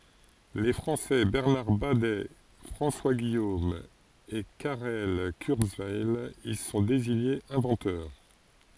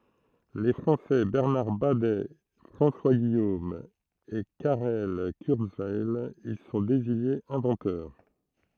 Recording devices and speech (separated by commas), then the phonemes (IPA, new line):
forehead accelerometer, throat microphone, read sentence
le fʁɑ̃sɛ bɛʁnaʁ badɛ fʁɑ̃swa ɡijom e kaʁɛl kyʁzwɛj i sɔ̃ deziɲez ɛ̃vɑ̃tœʁ